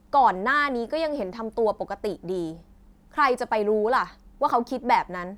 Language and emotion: Thai, angry